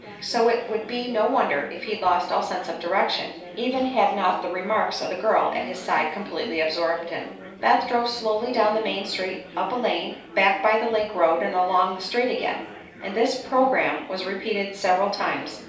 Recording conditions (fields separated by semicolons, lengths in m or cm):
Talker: one person; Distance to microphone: 3.0 m; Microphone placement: far; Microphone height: 1.8 m; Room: small (3.7 m by 2.7 m); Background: babble